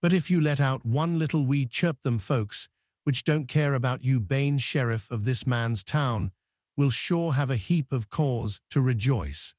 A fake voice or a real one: fake